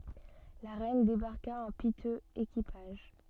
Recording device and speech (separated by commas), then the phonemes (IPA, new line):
soft in-ear microphone, read sentence
la ʁɛn debaʁka ɑ̃ pitøz ekipaʒ